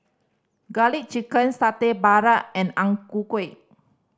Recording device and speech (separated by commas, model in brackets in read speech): standing microphone (AKG C214), read sentence